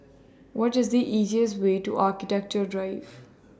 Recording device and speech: standing microphone (AKG C214), read sentence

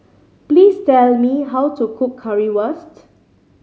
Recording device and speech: mobile phone (Samsung C5010), read sentence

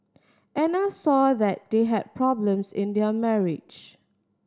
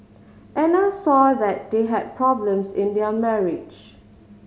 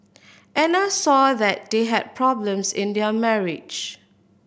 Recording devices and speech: standing microphone (AKG C214), mobile phone (Samsung C5010), boundary microphone (BM630), read sentence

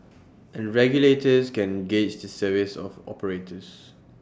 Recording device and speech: standing microphone (AKG C214), read sentence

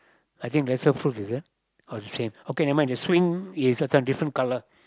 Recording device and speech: close-talking microphone, conversation in the same room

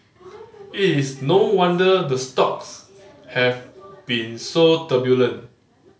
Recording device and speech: mobile phone (Samsung C5010), read sentence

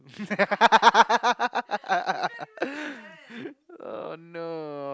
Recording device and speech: close-talking microphone, conversation in the same room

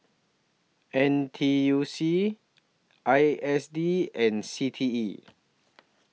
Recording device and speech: mobile phone (iPhone 6), read sentence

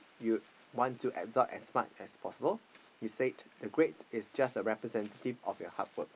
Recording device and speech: boundary microphone, conversation in the same room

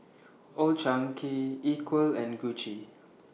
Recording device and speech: mobile phone (iPhone 6), read sentence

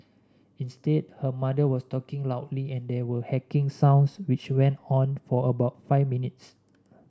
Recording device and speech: standing microphone (AKG C214), read sentence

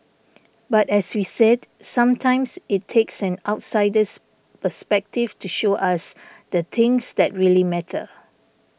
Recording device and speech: boundary microphone (BM630), read sentence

